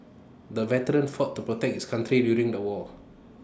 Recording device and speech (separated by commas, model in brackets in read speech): standing microphone (AKG C214), read sentence